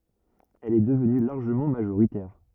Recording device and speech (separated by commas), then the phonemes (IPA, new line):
rigid in-ear microphone, read sentence
ɛl ɛ dəvny laʁʒəmɑ̃ maʒoʁitɛʁ